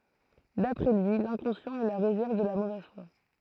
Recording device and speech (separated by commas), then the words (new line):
throat microphone, read sentence
D'après lui, l’inconscient est la réserve de la mauvaise foi.